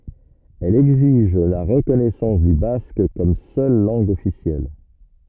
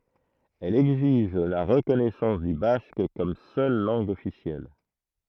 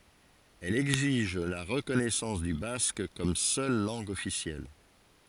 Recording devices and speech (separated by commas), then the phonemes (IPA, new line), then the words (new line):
rigid in-ear microphone, throat microphone, forehead accelerometer, read sentence
ɛl ɛɡziʒ la ʁəkɔnɛsɑ̃s dy bask kɔm sœl lɑ̃ɡ ɔfisjɛl
Elle exige la reconnaissance du basque comme seule langue officielle.